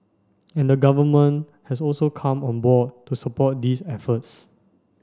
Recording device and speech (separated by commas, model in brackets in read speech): standing microphone (AKG C214), read sentence